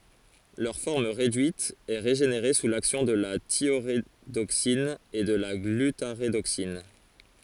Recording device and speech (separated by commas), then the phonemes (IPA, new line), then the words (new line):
forehead accelerometer, read sentence
lœʁ fɔʁm ʁedyit ɛ ʁeʒeneʁe su laksjɔ̃ də la tjoʁedoksin u də la ɡlytaʁedoksin
Leur forme réduite est régénérée sous l'action de la thiorédoxine ou de la glutarédoxine.